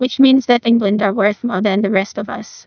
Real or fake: fake